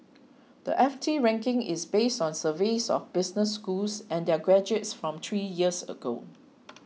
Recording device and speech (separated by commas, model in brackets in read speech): mobile phone (iPhone 6), read sentence